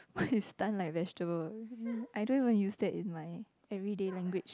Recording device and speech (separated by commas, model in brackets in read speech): close-talking microphone, conversation in the same room